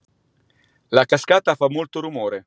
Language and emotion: Italian, neutral